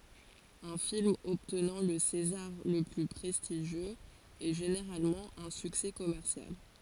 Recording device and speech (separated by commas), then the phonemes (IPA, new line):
forehead accelerometer, read sentence
œ̃ film ɔbtnɑ̃ lə sezaʁ lə ply pʁɛstiʒjøz ɛ ʒeneʁalmɑ̃ œ̃ syksɛ kɔmɛʁsjal